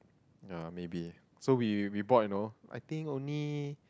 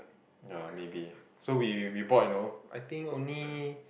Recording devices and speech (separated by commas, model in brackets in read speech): close-talking microphone, boundary microphone, conversation in the same room